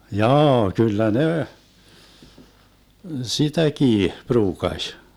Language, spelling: Finnish, jaa kyllä ne sitäkin pruukasi
- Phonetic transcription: 'jaa , 'kyllä 'ne , 'sitäkii 'pruukaś .

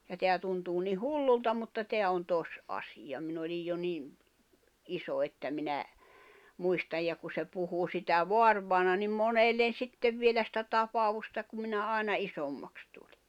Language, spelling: Finnish, ja tämä tuntuu niin hullulta mutta tämä on tosiasia minä olin jo niin iso että minä muistan ja kun se puhui sitä vaarivainaja niin monelle sitten vielä sitä tapausta kun minä aina isommaksi tulin
- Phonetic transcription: ja teä tuntuu ni "hullulta mutta 'teä on 'toś’asiʲa 'min ‿olij jo 'nìᵐ , 'iso että minä , 'muistaj ja ku se 'puhu sitä 'voarvài̬na nim "monellen̬ "sittev vielä sⁱtä 'tapaʷusta kum minä àena 'isommaks tᴜʟɪ .

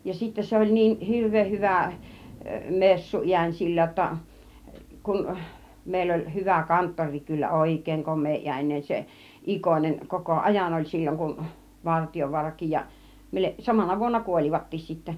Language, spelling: Finnish, ja sitten se oli niin hirveän hyvä - messuääni sillä jotta kun meillä oli hyvä kanttorikin kyllä oikein komeaääninen se Ikonen koko ajan oli silloin kun Vartiovaarakin ja samana vuonna kuolivatkin sitten
- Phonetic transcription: ja sittä 'se oĺ niih 'hirv̆veeh 'hyvä̀ , 'messu 'iäń 'sillä ‿°tta , 'kun , mèill ‿oĺ 'hyvä , 'kanttoŕ̆riik kyllä , "òik̆kèiŋ 'kom̆mee₍iän͕inen se , "ˀIkonen , 'koko "ˀajan oĺ 'sil͕l͕oŋ kun 'Vartijovuarakij ja , 'samana 'vuonna "kuol͕ivattiis sittä .

